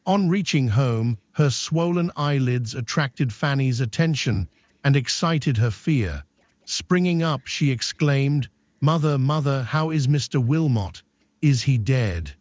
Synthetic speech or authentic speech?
synthetic